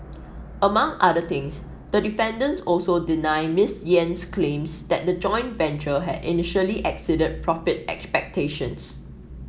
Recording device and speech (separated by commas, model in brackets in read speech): mobile phone (iPhone 7), read sentence